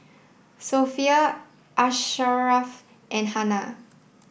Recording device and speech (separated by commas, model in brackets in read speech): boundary microphone (BM630), read sentence